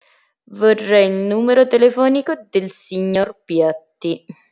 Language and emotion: Italian, disgusted